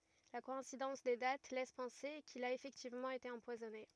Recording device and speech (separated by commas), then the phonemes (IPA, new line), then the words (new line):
rigid in-ear microphone, read sentence
la kɔɛ̃sidɑ̃s de dat lɛs pɑ̃se kil a efɛktivmɑ̃ ete ɑ̃pwazɔne
La coïncidence des dates laisse penser qu'il a effectivement été empoisonné.